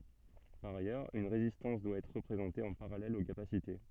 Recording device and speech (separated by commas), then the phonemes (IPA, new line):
soft in-ear microphone, read sentence
paʁ ajœʁz yn ʁezistɑ̃s dwa ɛtʁ ʁəpʁezɑ̃te ɑ̃ paʁalɛl o kapasite